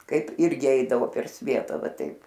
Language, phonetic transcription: Lithuanian, ˈkaip ˈirgi ˈeidavo per ˈsvieta ˈva ˈtaip

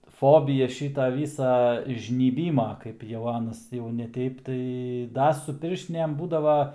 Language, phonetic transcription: Lithuanian, ˈfobyja ˈšyta ˈvysa žnyˈbyma ˈkaip jau ˈanas jau ne ˈteip tai ˈda su ˈpirštinėm ˈbūdava

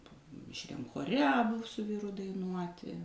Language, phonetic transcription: Lithuanian, mišˈriam choˈre aˈbu su ˈvyru daiˈnuoti

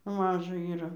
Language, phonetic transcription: Lithuanian, ˈmaža yˈra

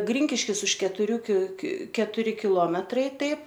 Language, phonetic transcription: Lithuanian, ˈgrinkiškis už ketuˈrių ki ki ketuˈri kiˈlometrai ˈtaip

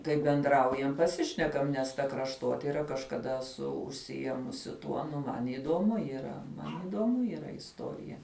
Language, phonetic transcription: Lithuanian, kai benˈdraujam paˈsišnekam nes ˈta krašˈtotira kažkaˈda esu užsiˈjėmusi ˈtuo nu ˈman įduomu yˈra ˈman įduoˈmu yˈra isˈtorija

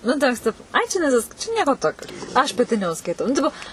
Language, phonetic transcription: Lithuanian, ˈnu ta ˈvis ˈtipo ai čia neˈsisk čia ˈnieko tokio aš paˈti neužskaiˈtau nu ˈtipo

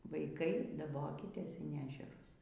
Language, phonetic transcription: Lithuanian, vaiˈkai daˈbokitės in ˈežerus

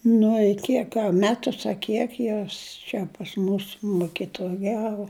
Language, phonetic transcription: Lithuanian, nu i ˈkiek a ˈmetus a ˈkiek ˈjos čia pas ˈmūs mukituˈjavu

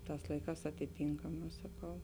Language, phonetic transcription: Lithuanian, ˈtās ˈlaiˌkās atiˈtynkamā saˈkau

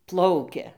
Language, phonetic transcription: Lithuanian, ˈplaukia

